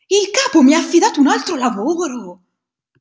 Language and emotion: Italian, surprised